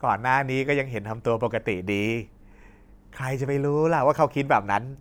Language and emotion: Thai, frustrated